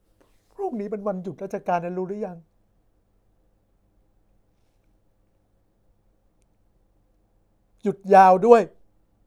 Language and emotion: Thai, sad